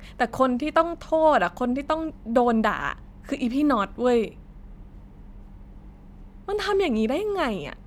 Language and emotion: Thai, frustrated